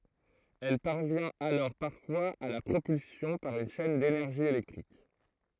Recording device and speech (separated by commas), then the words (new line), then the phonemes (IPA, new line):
throat microphone, read sentence
Elle parvient alors parfois à la propulsion par une chaine d'énergie électrique.
ɛl paʁvjɛ̃t alɔʁ paʁfwaz a la pʁopylsjɔ̃ paʁ yn ʃɛn denɛʁʒi elɛktʁik